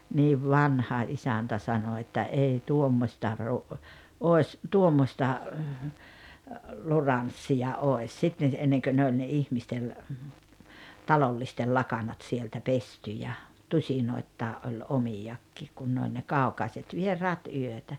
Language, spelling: Finnish, niin vanha isäntä sanoi että ei tuommoista - olisi tuommoista luranssia olisi sitten ennen kuin ne oli ne ihmisten talollisten lakanat sieltä pesty ja tusinoittain oli omiakin kun ne oli ne kaukaiset vieraat yötä
- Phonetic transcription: niiv "vanha "isäntä 'sano että » "ei "tuommośta ru- , òes , 'tuommosta , "luranssija "oes « sitten̬ , 'enneŋkö ne oĺ ne "ihmistel , 'talollistel "lakanat sieltä "pesty ja , 'tuśinoittaa’ ’oĺ "omijakkiik kun ne oĺ ne "kàu̬kaiset 'vier̀aat 'yötä .

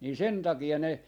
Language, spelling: Finnish, niin sen takia ne
- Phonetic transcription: nii 'sen taki₍a ne ,.

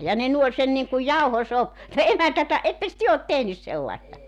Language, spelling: Finnish, ja ne nuoli sen niin kuin - tuo emäntä että ettekös te ole tehnyt sellaista
- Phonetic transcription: ja ne 'nuoĺ sen niŋkuj "jauhoso- (tuo) 'emäntä että , 'etteks 'työ ot "tehnys 'sellaesta ?

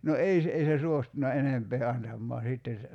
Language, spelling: Finnish, no ei se ei se suostunut enempää antamaan sitten se
- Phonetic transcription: no 'ei se , ei se 'suostuna "enempee 'antammoa 'sìtte (se) ,.

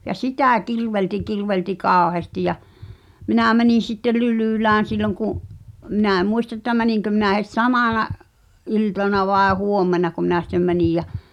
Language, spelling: Finnish, ja sitä kirvelsi kirvelsi kauheasti ja minä menin sitten Lylylään silloin kun minä en muista että meninkö minä heti samana iltana vai huomennako minä sitten menin ja
- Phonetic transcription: ja 'sitä̀ kirvelti kir-velti "kaaᵒheăsti ja , 'minä̀ mänìn̬ sitte "Lylỳlään̬ silloŋ ku’ , minä̀ ᵉm 'muista ᵉttä 'mäniŋkö minä het "samàna’ , '’iltana vàe 'huommenako minä sⁱttem 'mänij jä ,.

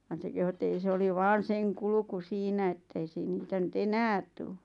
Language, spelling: Finnish, vaan se kehui että ei se oli vain sen kulku siinä että ei - niitä nyt enää tule
- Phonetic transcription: van se kehu et ‿ei 'se oli 'vaan̬ seŋ 'kulᵘku 'siinä ettei siin- 'niitä nyt "enäät tuu .

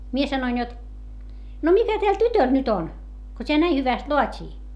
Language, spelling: Finnish, minä sanoin jotta no mitä tällä tytöllä nyt on kun tämä näin hyvästi laatii
- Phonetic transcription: mie sanoin jot , » no mitä täl tytöl nyt ‿on , ko t́eä näi hyväst loat́ii ?

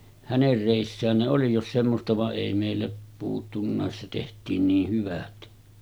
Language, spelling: Finnish, hänen reissään ne oli jos semmoista vaan ei meillä puuttunutkaan se tehtiin niin hyvät
- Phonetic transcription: 'häner rèissään ne 'oli jos semmosta va’ ’èi mèillä , puuttunnàes se teht̀iin niih 'hyvät .

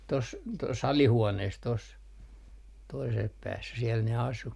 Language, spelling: Finnish, tuossa tuossa alihuoneessa tuossa toisella päässä siellä ne asui
- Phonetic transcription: tos , tos "alihuonees tos , toisel 'päässä siɛl ne asu .

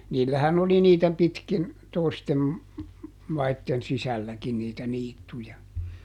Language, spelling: Finnish, niillähän oli niitä pitkin toisten maiden sisälläkin niitä niittyjä
- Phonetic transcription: ˈniillähän ‿oli niitä ˈpitkin , ˈtoistem , ˈmaitten "sisälläkin niitä ˈniittuja .

